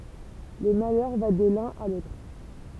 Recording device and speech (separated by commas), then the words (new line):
temple vibration pickup, read sentence
Le malheur va de l'un à l'autre.